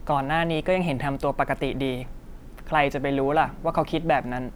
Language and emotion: Thai, frustrated